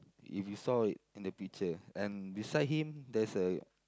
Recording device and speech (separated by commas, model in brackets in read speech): close-talking microphone, conversation in the same room